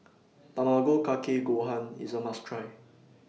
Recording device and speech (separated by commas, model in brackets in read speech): mobile phone (iPhone 6), read sentence